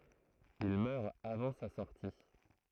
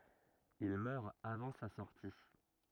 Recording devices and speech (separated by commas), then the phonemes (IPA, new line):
throat microphone, rigid in-ear microphone, read sentence
il mœʁ avɑ̃ sa sɔʁti